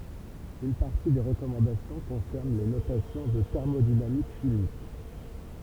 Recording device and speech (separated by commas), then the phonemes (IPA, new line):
temple vibration pickup, read sentence
yn paʁti de ʁəkɔmɑ̃dasjɔ̃ kɔ̃sɛʁn le notasjɔ̃z ɑ̃ tɛʁmodinamik ʃimik